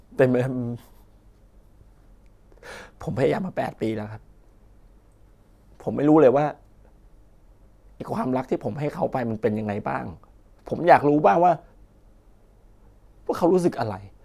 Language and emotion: Thai, sad